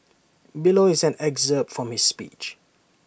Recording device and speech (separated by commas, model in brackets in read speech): boundary microphone (BM630), read sentence